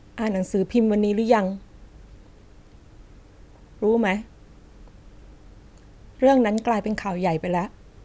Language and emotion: Thai, frustrated